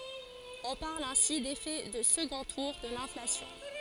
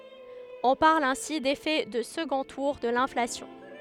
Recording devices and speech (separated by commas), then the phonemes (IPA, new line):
forehead accelerometer, headset microphone, read sentence
ɔ̃ paʁl ɛ̃si defɛ də səɡɔ̃ tuʁ də lɛ̃flasjɔ̃